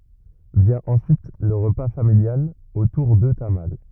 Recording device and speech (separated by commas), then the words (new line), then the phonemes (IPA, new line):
rigid in-ear microphone, read sentence
Vient ensuite le repas familial autour de tamales.
vjɛ̃ ɑ̃syit lə ʁəpa familjal otuʁ də tamal